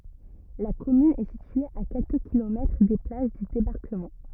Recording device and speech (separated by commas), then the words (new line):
rigid in-ear microphone, read sentence
La commune est située à quelques kilomètres des plages du débarquement.